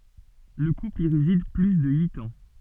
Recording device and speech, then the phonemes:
soft in-ear microphone, read sentence
lə kupl i ʁezid ply də yit ɑ̃

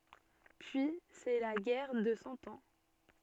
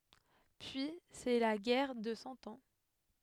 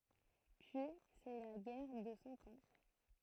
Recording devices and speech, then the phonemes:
soft in-ear microphone, headset microphone, throat microphone, read sentence
pyi sɛ la ɡɛʁ də sɑ̃ ɑ̃

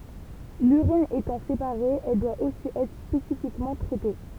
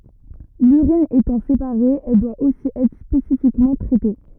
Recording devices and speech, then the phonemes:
temple vibration pickup, rigid in-ear microphone, read sentence
lyʁin etɑ̃ sepaʁe ɛl dwa osi ɛtʁ spesifikmɑ̃ tʁɛte

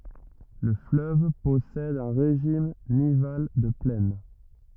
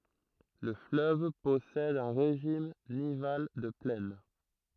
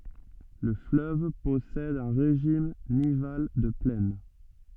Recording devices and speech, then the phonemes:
rigid in-ear microphone, throat microphone, soft in-ear microphone, read sentence
lə fløv pɔsɛd œ̃ ʁeʒim nival də plɛn

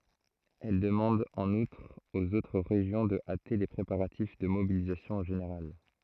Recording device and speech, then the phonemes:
throat microphone, read sentence
ɛl dəmɑ̃d ɑ̃n utʁ oz otʁ ʁeʒjɔ̃ də ate le pʁepaʁatif də mobilizasjɔ̃ ʒeneʁal

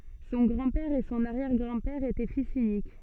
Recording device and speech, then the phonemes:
soft in-ear microphone, read sentence
sɔ̃ ɡʁɑ̃dpɛʁ e sɔ̃n aʁjɛʁɡʁɑ̃dpɛʁ etɛ fis ynik

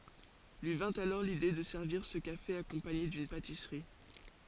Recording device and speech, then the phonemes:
forehead accelerometer, read sentence
lyi vɛ̃t alɔʁ lide də sɛʁviʁ sə kafe akɔ̃paɲe dyn patisʁi

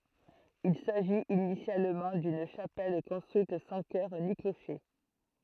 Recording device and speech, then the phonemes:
throat microphone, read sentence
il saʒit inisjalmɑ̃ dyn ʃapɛl kɔ̃stʁyit sɑ̃ kœʁ ni kloʃe

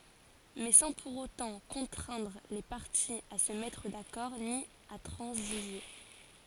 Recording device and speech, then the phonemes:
forehead accelerometer, read sentence
mɛ sɑ̃ puʁ otɑ̃ kɔ̃tʁɛ̃dʁ le paʁtiz a sə mɛtʁ dakɔʁ ni a tʁɑ̃ziʒe

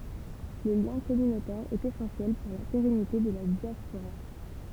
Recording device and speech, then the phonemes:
temple vibration pickup, read sentence
lə ljɛ̃ kɔmynotɛʁ ɛt esɑ̃sjɛl puʁ la peʁɛnite də la djaspoʁa

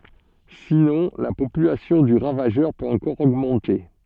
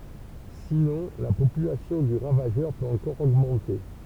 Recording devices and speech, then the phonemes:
soft in-ear microphone, temple vibration pickup, read sentence
sinɔ̃ la popylasjɔ̃ dy ʁavaʒœʁ pøt ɑ̃kɔʁ oɡmɑ̃te

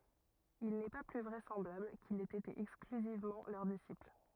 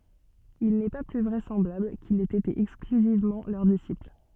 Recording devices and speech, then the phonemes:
rigid in-ear microphone, soft in-ear microphone, read sentence
il nɛ pa ply vʁɛsɑ̃blabl kil ɛt ete ɛksklyzivmɑ̃ lœʁ disipl

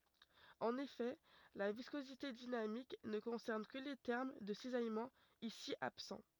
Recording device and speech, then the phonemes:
rigid in-ear microphone, read sentence
ɑ̃n efɛ la viskozite dinamik nə kɔ̃sɛʁn kə le tɛʁm də sizajmɑ̃ isi absɑ̃

